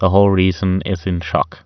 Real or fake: real